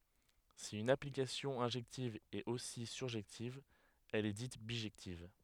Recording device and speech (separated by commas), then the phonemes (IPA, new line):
headset microphone, read sentence
si yn aplikasjɔ̃ ɛ̃ʒɛktiv ɛt osi syʁʒɛktiv ɛl ɛ dit biʒɛktiv